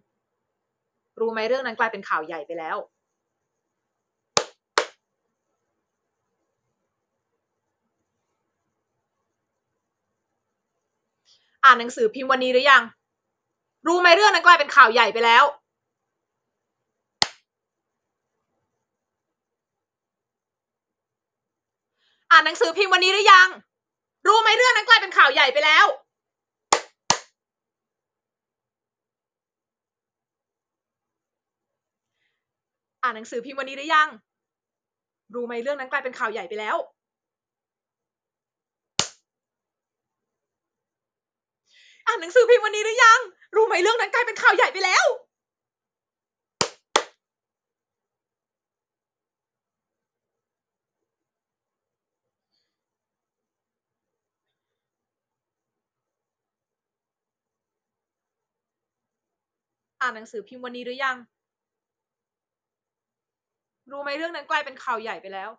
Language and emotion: Thai, angry